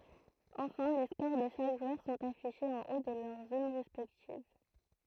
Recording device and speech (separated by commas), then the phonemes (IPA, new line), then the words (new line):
throat microphone, read sentence
ɑ̃fɛ̃ le skoʁ də ʃak ʒwœʁ sɔ̃t afiʃez ɑ̃ o də lœʁ zon ʁɛspɛktiv
Enfin, les scores de chaque joueur sont affichés en haut de leur zone respective.